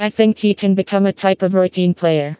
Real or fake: fake